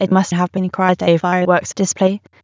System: TTS, waveform concatenation